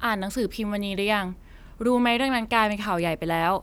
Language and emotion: Thai, neutral